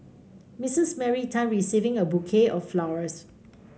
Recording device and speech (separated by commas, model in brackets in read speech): mobile phone (Samsung C5), read sentence